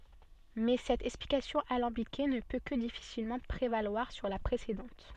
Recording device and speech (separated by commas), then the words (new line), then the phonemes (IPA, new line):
soft in-ear microphone, read sentence
Mais cette explication alambiquée ne peut que difficilement prévaloir sur la précédente.
mɛ sɛt ɛksplikasjɔ̃ alɑ̃bike nə pø kə difisilmɑ̃ pʁevalwaʁ syʁ la pʁesedɑ̃t